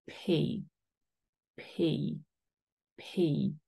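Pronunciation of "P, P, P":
Each 'p' is said with a controlled puff of air that is not super strong.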